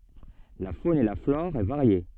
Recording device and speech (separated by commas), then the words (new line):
soft in-ear microphone, read sentence
La faune et la flore est variée.